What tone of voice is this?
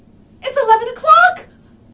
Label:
fearful